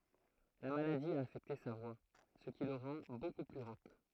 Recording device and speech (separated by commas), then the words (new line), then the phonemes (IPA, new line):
throat microphone, read sentence
La maladie a affecté sa voix, ce qui le rend beaucoup plus rauque.
la maladi a afɛkte sa vwa sə ki lə ʁɑ̃ boku ply ʁok